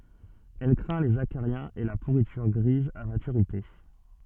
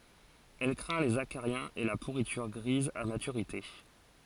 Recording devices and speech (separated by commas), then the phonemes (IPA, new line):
soft in-ear microphone, forehead accelerometer, read sentence
ɛl kʁɛ̃ lez akaʁjɛ̃z e la puʁityʁ ɡʁiz a matyʁite